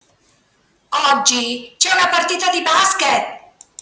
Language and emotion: Italian, angry